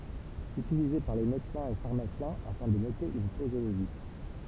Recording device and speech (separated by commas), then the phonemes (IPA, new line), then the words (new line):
temple vibration pickup, read sentence
ytilize paʁ le medəsɛ̃z e faʁmasjɛ̃ afɛ̃ də note yn pozoloʒi
Utilisé par les médecins et pharmaciens afin de noter une posologie.